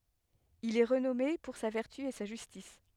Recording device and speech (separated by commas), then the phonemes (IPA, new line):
headset microphone, read sentence
il ɛ ʁənɔme puʁ sa vɛʁty e sa ʒystis